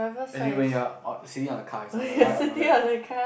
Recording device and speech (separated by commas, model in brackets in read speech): boundary microphone, conversation in the same room